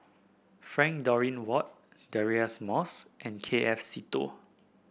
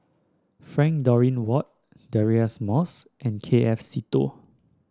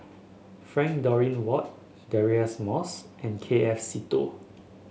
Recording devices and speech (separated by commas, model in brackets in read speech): boundary microphone (BM630), standing microphone (AKG C214), mobile phone (Samsung S8), read sentence